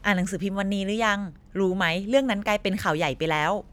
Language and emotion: Thai, happy